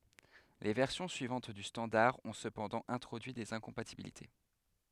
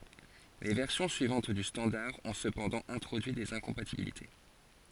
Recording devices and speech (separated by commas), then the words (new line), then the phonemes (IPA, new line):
headset microphone, forehead accelerometer, read sentence
Les versions suivantes du standard ont cependant introduit des incompatibilités.
le vɛʁsjɔ̃ syivɑ̃t dy stɑ̃daʁ ɔ̃ səpɑ̃dɑ̃ ɛ̃tʁodyi dez ɛ̃kɔ̃patibilite